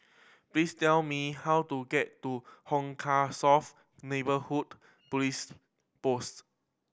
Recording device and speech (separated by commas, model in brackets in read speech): boundary microphone (BM630), read sentence